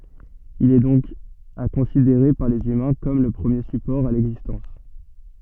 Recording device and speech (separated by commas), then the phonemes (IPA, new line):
soft in-ear microphone, read sentence
il ɛ dɔ̃k a kɔ̃sideʁe paʁ lez ymɛ̃ kɔm lə pʁəmje sypɔʁ a lɛɡzistɑ̃s